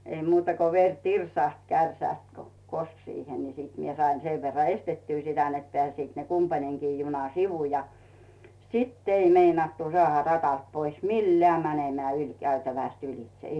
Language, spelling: Finnish, ei muuta kuin veri tirsahti kärsästä kun koski siihen niin minä sain sen verran estettyä sitä että pääsivät ne kumpainenkin juna sivu ja sitten ei meinattu saada radalta pois millään menemään ylikäytävästä ylitse
- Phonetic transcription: ei muuta ko 'ver "tirsàht 'kärsä̀st ko , "kosk 'siihe ni 'mie sain 'sev verra "estettyy sitä net peä̀siit ne 'kumpaneŋkii juna "sivu ja , "sitt ‿'ei 'meinattu 'sᵒàha 'ratalt 'pois "milleä̀ 'mänemää 'yĺkäytävä̀st 'ylⁱˡᵗˢᵉ .

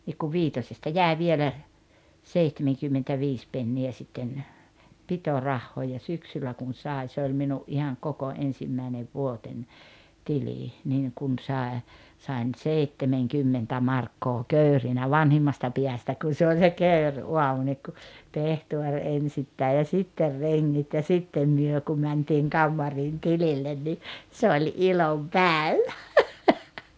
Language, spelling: Finnish, niin kun viitosesta jäi vielä seitsemänkymmentäviisi penniä sitten pitorahaa ja syksyllä kun sai se oli minun ihan koko ensimmäinen vuoteni tili niin kun sai sain seitsemänkymmentä markkaa kekrinä vanhimmasta päästä kun se oli se kekriaamu niin kun pehtori ensittäin ja sitten rengit ja sitten me kun mentiin kammariin tilille niin se oli ilonpäivä
- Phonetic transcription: nik kuv 'viitosesta "jäe 'vielä , 'seihtemeŋkymmentä'viis penni₍ä sitten , 'pitorahhoo ja 'syksyllä kun̬ 'sài̬ se oĺ 'minu’ ’ihaŋ "koko "en-simmäinev "vuoteń , "tilì , 'niiŋ kun 'sàe , sàen "seittemeŋkymmentä 'markkoo "köyrinä "vanhimmasta piästä kun̬ 'se oĺ se "köyr'’uamu niik ku , 'pehtuor 'ensittäi ja 'sitter 'reŋŋit ja 'sittem 'myö kum mäntiiŋ 'kammariin 'tilillen ni , "se oĺ "ilompä̀evä .

